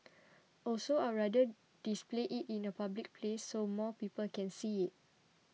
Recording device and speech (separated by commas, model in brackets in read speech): mobile phone (iPhone 6), read sentence